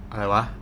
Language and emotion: Thai, neutral